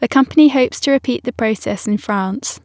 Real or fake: real